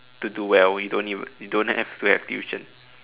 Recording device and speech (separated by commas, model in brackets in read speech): telephone, conversation in separate rooms